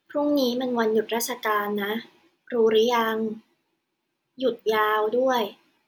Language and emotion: Thai, neutral